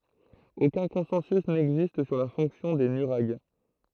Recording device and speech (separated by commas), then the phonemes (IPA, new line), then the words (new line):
throat microphone, read sentence
okœ̃ kɔ̃sɑ̃sy nɛɡzist syʁ la fɔ̃ksjɔ̃ de nyʁaɡ
Aucun consensus n'existe sur la fonction des nuraghes.